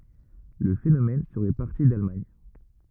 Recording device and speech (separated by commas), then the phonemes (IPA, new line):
rigid in-ear microphone, read sentence
lə fenomɛn səʁɛ paʁti dalmaɲ